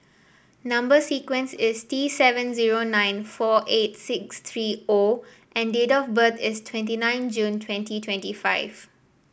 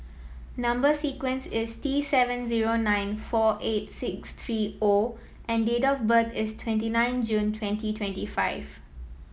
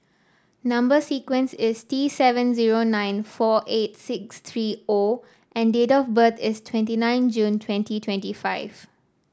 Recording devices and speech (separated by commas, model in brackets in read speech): boundary microphone (BM630), mobile phone (iPhone 7), standing microphone (AKG C214), read sentence